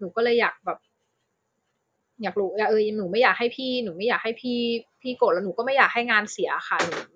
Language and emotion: Thai, frustrated